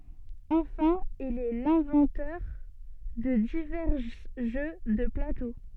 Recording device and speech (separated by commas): soft in-ear microphone, read sentence